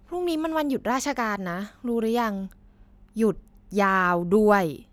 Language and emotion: Thai, frustrated